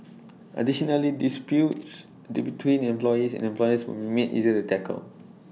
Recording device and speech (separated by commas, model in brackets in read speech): mobile phone (iPhone 6), read sentence